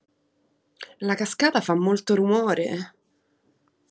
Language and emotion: Italian, disgusted